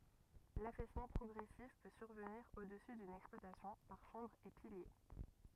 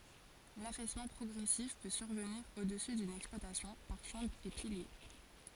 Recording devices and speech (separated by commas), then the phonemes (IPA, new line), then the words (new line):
rigid in-ear microphone, forehead accelerometer, read sentence
lafɛsmɑ̃ pʁɔɡʁɛsif pø syʁvəniʁ o dəsy dyn ɛksplwatasjɔ̃ paʁ ʃɑ̃bʁz e pilje
L'affaissement progressif peut survenir au-dessus d'une exploitation par chambres et piliers.